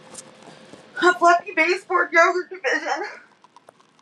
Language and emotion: English, sad